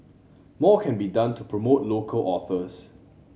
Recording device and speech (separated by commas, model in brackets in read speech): mobile phone (Samsung C7100), read sentence